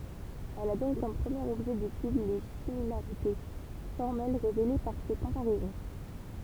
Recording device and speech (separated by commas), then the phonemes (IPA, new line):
temple vibration pickup, read sentence
ɛl a dɔ̃k kɔm pʁəmjeʁ ɔbʒɛ detyd le similaʁite fɔʁmɛl ʁevele paʁ se kɔ̃paʁɛzɔ̃